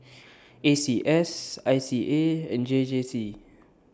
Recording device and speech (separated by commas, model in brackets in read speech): standing microphone (AKG C214), read sentence